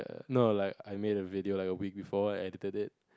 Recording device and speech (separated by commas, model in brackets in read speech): close-talking microphone, conversation in the same room